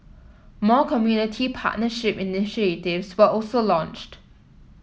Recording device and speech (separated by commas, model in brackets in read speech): mobile phone (iPhone 7), read sentence